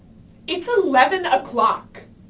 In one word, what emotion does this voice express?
angry